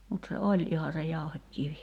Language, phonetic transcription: Finnish, mut se "oĺ iha se 'jauhek'kivi .
- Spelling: mutta se oli ihan se jauhekivi

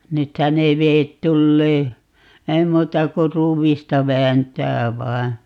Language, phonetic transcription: Finnish, 'nythä ne 'veet 'tullee , "ei 'muuta ku "ruuvista 'vääntää 'vai̮ .
- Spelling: nythän ne vedet tulee ei muuta kuin ruuvista vääntää vain

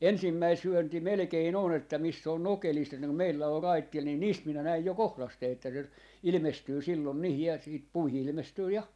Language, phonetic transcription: Finnish, "ensimmäi 'syönti 'melᵉkein ‿on ‿että 'miss ‿oon 'nokelisto että kum 'meillä or 'raittil nin "niist 'minä 'näij jo "kohlastee että se , 'ilⁱmestyy 'sillon niihij ja siit 'puihi 'ilⁱmestyy "ja .
- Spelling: ensimmäinen syönti melkein on että missä on nokelisto että kun meillä on raitilla niin niistä minä näin jo kohdasteen että se ilmestyy silloin niihin ja sitten puihin ilmestyy ja

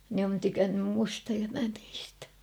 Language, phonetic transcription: Finnish, ne on tykännym 'musta ja mä 'niistä .
- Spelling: ne on tykännyt minusta ja minä niistä

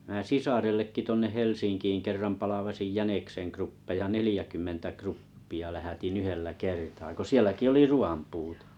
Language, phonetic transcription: Finnish, ᵐä̀ "sisarellekki tuonneʰ Helsinkiin kerram 'palavasij 'jänekseŋ kruppeja 'nelⁱjäkymmentä "kruppi₍a lähätin "yhellä "kertaa ko "sieläki oli "ru₍am 'puutᴇ .
- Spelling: minä sisarellekin tuonne Helsinkiin kerran palvasin jäniksen kruppeja neljäkymmentä kruppia lähetin yhdellä kertaa kun sielläkin oli ruuan puute

